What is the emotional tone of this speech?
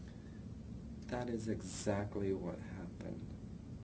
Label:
neutral